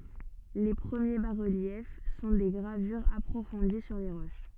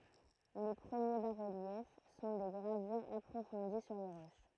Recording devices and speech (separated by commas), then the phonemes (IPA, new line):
soft in-ear microphone, throat microphone, read sentence
le pʁəmje basʁəljɛf sɔ̃ de ɡʁavyʁz apʁofɔ̃di syʁ le ʁoʃ